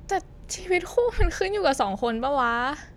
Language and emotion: Thai, sad